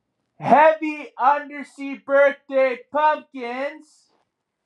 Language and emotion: English, happy